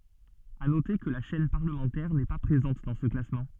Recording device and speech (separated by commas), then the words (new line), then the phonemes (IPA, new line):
soft in-ear microphone, read sentence
À noter que la chaîne parlementaire n'est pas présente dans ce classement.
a note kə la ʃɛn paʁləmɑ̃tɛʁ nɛ pa pʁezɑ̃t dɑ̃ sə klasmɑ̃